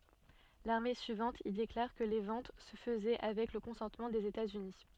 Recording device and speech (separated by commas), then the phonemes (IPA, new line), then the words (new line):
soft in-ear microphone, read sentence
lane syivɑ̃t il deklaʁ kə le vɑ̃t sə fəzɛ avɛk lə kɔ̃sɑ̃tmɑ̃ dez etatsyni
L'année suivante, il déclare que les ventes se faisait avec le consentement des États-Unis.